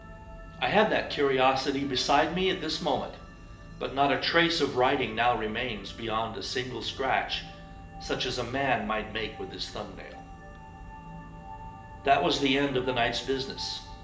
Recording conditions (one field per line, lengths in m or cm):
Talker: one person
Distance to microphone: 1.8 m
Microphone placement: close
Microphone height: 1.0 m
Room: large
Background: music